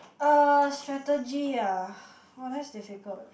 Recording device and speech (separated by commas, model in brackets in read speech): boundary microphone, conversation in the same room